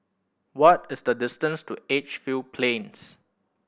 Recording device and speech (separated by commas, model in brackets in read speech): boundary microphone (BM630), read sentence